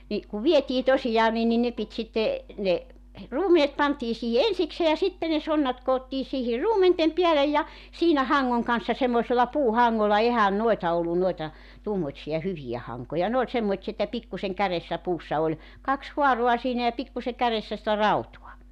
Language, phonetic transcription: Finnish, ni , kuv 'vietii 'tosijaa nin ni 'ne pit sitte , ne , 'ruumenet pantii 'siihi "ensiksee ja 'sitte ne 'sonnat koottii siihir 'ruumentem 'piälej ja , 'siinä 'haŋŋoŋ kan̬ssa semmoᵉsella 'puuhaŋŋolla 'ehän 'noeta 'ollun noeta , 'tuommoⁱtsija 'hyvijä 'haŋkoja 'ne ‿oĺ semmoⁱtsi[a] että 'pikkuseŋ 'käressä 'puussa oĺ , 'kaks "huaro̭a siinä ja 'pikkuse 'käressä sⁱtä "rautua .
- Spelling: niin kun vietiin tosiaan niin niin ne piti sitten ne ruumenet pantiin siihen ensikseen ja sitten ne sonnat koottiin siihen ruumenten päälle ja siinä hangon kanssa semmoisella puuhangolla eihän noita ollut noita tuommoisia hyviä hankoja ne oli semmoisia että pikkuisen kärjessä puussa oli kaksi haaraa siinä ja pikkuisen kärjessä sitä rautaa

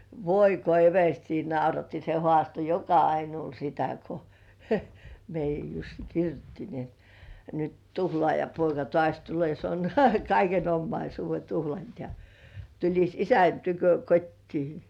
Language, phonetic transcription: Finnish, voi ko "everstii 'nauratti se 'hŏàsto "joka₍ainuul sitä ko , 'meij̆jäj Jussi "kirjutti ni ‿et » nyt 'tuhlŏàjapoika "tŏàś tul̳e̳e̳§ se on naurahtaa 'kaiken "ommaisuuve 'tuhlant ja , tuĺis "isän tykö 'kot́tii « .
- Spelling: voi kun everstiä nauratti se haastoi joka ainoalle sitä kun meidän Jussi kirjoitti niin että nyt tuhlaajapoika taas tulee se on naurahtaa kaiken omaisuuden tuhlannut ja tulisi isän tykö kotiin

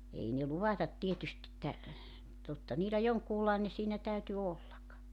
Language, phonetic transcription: Finnish, 'ei ne 'luvatat 'tietyst ‿että , 'totta 'niilä 'joŋkuulaene siinä 'täyty 'ollak .
- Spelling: ei ne luvatta tietysti että totta niillä jonkunlainen siinä täytyi olla

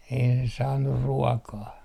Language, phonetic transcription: Finnish, ei ne 'saannur 'ruɔkaa .
- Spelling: ei ne saanut ruokaa

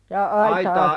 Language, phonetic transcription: Finnish, jaa "aitaa ?
- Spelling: jaa aitaa

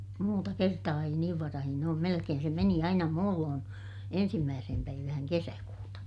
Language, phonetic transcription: Finnish, muuta kertaa ei niiv varahin ‿oom - melekeen se meni aina muulloon , ensimmääsehem päivähäŋ kesäkuuta .
- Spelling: muuta kertaa ei niin varhain ole melkein se meni aina muulloin ensimmäiseen päivään kesäkuuta

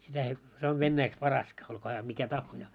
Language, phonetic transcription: Finnish, sitä ei , se ov 'vennäiks "Paraska , olkoo hää mikä 'tahhojaa .
- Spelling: sitä ei se on venäjäksi Paraska olkoon hän mikä tahansa

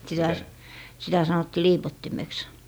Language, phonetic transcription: Finnish, sitä s- , sitä 'sanotti "liipottimeks .
- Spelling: sitä - sitä sanottiin liipottimeksi

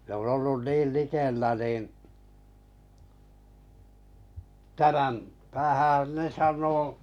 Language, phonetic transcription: Finnish, n ‿on ollun 'niil 'likellä nìn , 'tä(m)äm , 'tähä̀n ne 'saǹo ,.
- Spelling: ne on ollut niin likellä niin tämän tähän ne sanoi

